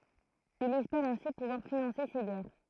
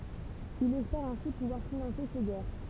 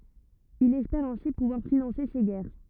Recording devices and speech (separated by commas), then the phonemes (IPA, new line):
throat microphone, temple vibration pickup, rigid in-ear microphone, read sentence
il ɛspɛʁ ɛ̃si puvwaʁ finɑ̃se se ɡɛʁ